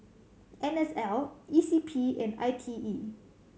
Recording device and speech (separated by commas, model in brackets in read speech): mobile phone (Samsung C7100), read sentence